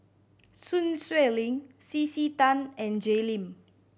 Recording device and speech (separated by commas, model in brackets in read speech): boundary microphone (BM630), read sentence